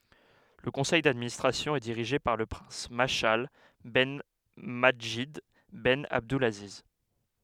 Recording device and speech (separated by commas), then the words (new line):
headset microphone, read sentence
Le conseil d'administration est dirigé par le prince Mashal ben Madjid ben Abdulaziz.